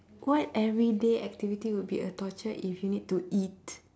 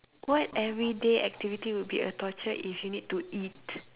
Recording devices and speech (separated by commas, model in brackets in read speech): standing microphone, telephone, conversation in separate rooms